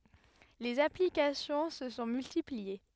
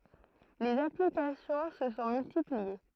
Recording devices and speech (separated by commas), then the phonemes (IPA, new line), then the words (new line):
headset microphone, throat microphone, read sentence
lez aplikasjɔ̃ sə sɔ̃ myltiplie
Les applications se sont multipliées.